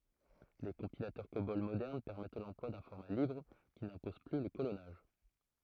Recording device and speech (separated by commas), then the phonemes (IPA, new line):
throat microphone, read sentence
le kɔ̃pilatœʁ kobɔl modɛʁn pɛʁmɛt lɑ̃plwa dœ̃ fɔʁma libʁ ki nɛ̃pɔz ply lə kolɔnaʒ